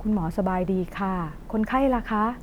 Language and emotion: Thai, neutral